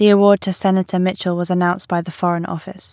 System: none